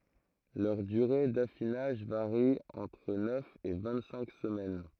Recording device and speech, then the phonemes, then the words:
throat microphone, read sentence
lœʁ dyʁe dafinaʒ vaʁi ɑ̃tʁ nœf e vɛ̃ɡtsɛ̃k səmɛn
Leur durée d’affinage varie entre neuf et vingt-cinq semaines.

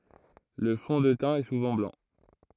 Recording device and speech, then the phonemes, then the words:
throat microphone, read sentence
lə fɔ̃ də tɛ̃ ɛ suvɑ̃ blɑ̃
Le fond de teint est souvent blanc.

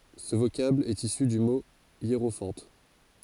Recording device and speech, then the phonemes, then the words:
forehead accelerometer, read sentence
sə vokabl ɛt isy dy mo jeʁofɑ̃t
Ce vocable est issu du mot hiérophante.

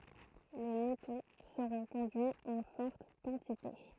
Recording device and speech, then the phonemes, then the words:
throat microphone, read sentence
le mutɔ̃ səʁɔ̃ kɔ̃dyiz ɑ̃ fɔʁt kɑ̃tite
Les moutons seront conduits en fortes quantités.

